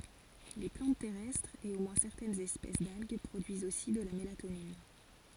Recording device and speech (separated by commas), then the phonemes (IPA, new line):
forehead accelerometer, read sentence
le plɑ̃t tɛʁɛstʁz e o mwɛ̃ sɛʁtɛnz ɛspɛs dalɡ pʁodyizt osi də la melatonin